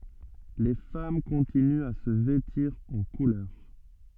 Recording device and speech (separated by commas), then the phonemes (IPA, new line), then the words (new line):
soft in-ear microphone, read sentence
le fam kɔ̃tinyt a sə vɛtiʁ ɑ̃ kulœʁ
Les femmes continuent à se vêtir en couleurs.